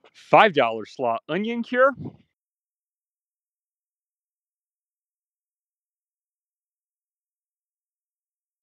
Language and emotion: English, surprised